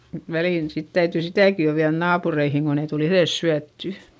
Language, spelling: Finnish, mutta väliin sitten täytyy sitäkin jo viedä naapureihin kun ei tule itse syötyä
- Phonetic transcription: mut välìn sit täytỳ sitä̀ki jo viäδ naapureihiŋ kon ‿ei tul ‿iϑes syätty .

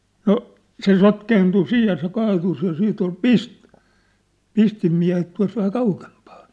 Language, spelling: Finnish, no se sotkeentui siinä ja se kaatui ja sitten oli - pistinmiehet tuossa vähän kauempana
- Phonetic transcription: 'no , se 'sotkeentu 'siij ja se 'kaatus ja 'siit ‿ol "pis- , 'pistimmiä̭het tua̭s vähä 'kaukempᴀᴀɴ .

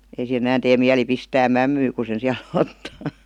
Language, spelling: Finnish, ei siihen enää tee mieli pistää mämmiä kun sen siellä ottaa
- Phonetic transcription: ei siʰen ‿ᵉ'nän tee 'miäli 'pistää "mämmyy ku sen̬ siäl 'ottaa .

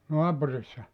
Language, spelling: Finnish, naapurissa
- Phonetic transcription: 'noapurissa ?

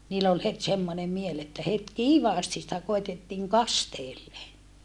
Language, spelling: Finnish, niillä oli heti semmoinen mieli että heti kiivaasti sitä koetettiin kasteelle
- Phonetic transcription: niill ‿ol het semmone miel että het kiivaasti sⁱtä koitettiiŋ kasteelle .

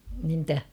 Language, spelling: Finnish, niin mitä
- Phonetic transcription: niim 'm̥tä ?

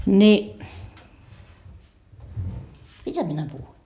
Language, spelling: Finnish, niin mitä minä puhuin
- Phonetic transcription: ni , 'mitä minä 'puhui ?

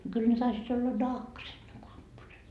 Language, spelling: Finnish, no kyllä ne taisivat olla nahkaiset ne kurpposet
- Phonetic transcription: no kyl ne 'taisii't ‿olla "nahkaset ne 'kurpposet .

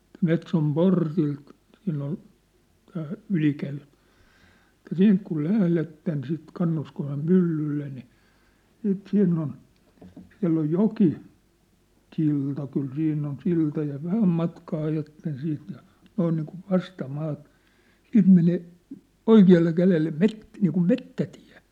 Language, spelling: Finnish, että Metson portilta siinä on tämä ylikäytävä että siitä kun lähdette sitten Kannuskosken myllylle niin sitten siinä on siellä on joki silta kyllä siinä on silta ja vähän matkaa ajatte siitä ja noin niin kuin vastamaata siitä menee oikealle kädelle - niin kuin metsätie
- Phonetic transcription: ᵉt » 'Metsom "portilt , siinn ‿on , tää , "ylikäyt(ᴀ̈ᴠᴀ̈) « , että » 'siint ku "lähletten sit 'Kannuskosem "myllylle ni , siit 'siinn ‿on , 'siä̭ll ‿oj "joki , 'sil̀ta kyl 'siinn ‿on 'silta ja "vähäm matkaa 'ajatten 'siint ja , 'noin niikuv "vasta'maatᴀ , 'siint menè , "oiki₍alle 'kälelle "met- , niikum "mettätɪᴀ̭̈ .

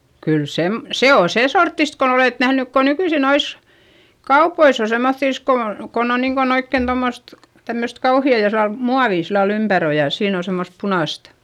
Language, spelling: Finnish, kyllä - se on sen sorttista kun olette nähnyt kun nykyisin noissa kaupoissa on semmottoon kun on kun on niin kuin oikein tuommoista tämmöistä kauheaa jossa muovi sillä lailla ympäri on ja siinä on semmoista punaista
- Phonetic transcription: kyl sem- , se oo sè sorttist kon ‿olèt nähnyk ko nykyisi nois , kaupois ‿o semmoϑϑìs ko on̬ , kon ‿on niiŋkon ‿oikkèn tommost , tämmöst kauhi₍à josa , muavì sillal ‿ympär ‿o ja , siin ‿o semmost punàst .

